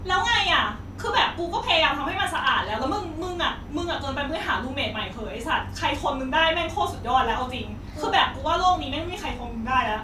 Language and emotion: Thai, angry